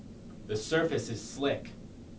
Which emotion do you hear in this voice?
neutral